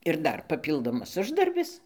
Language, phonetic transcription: Lithuanian, ir ˈdar paˈpyldomas ˈuždarbis

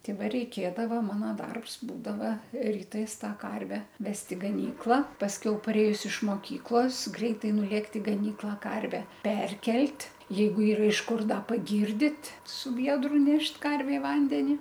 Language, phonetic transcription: Lithuanian, ˈti ˈva reiˈkėdava ˈmano ˈdarbs ˈbūdava ryˈtais ˈtą ˈkarve ˈvest i gaˈnykla pasˈkiau paˈrėjus iš moˈkyklos ˈgreitai nuˈlėkt i gaˈnyklą ˈkarve ˈperkelt' ˈjeigu ˈyra iš ˈkur ˈda paˈgyrdit su ˈviedru ˈnešt ˈkarvėm ˈvandeni

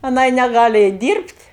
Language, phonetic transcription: Lithuanian, aˈnai neˈgali ˈeit ˈdyrbt'

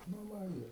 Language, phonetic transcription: Lithuanian, nu ˈva ir

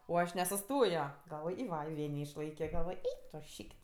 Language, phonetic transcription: Lithuanian, o ˈaš nesuˈstojo galˈvoj i ˈva i ˈvė neišˈlaikio galˈvoj ˈeik tu ˈšyk't'

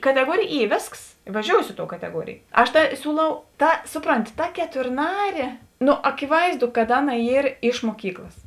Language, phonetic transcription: Lithuanian, kateˈguorėj ˈy ˈvėsks i vaˈžiousi ˈi ˌtou kateˈguorėj ˈaš tā ˈsiūˌlau ˈta ˈsuˌpronti ta keturˈnarė nu akiˈvaizˌdu kad ˈaˌna ˈyr iš muoˈkyklas

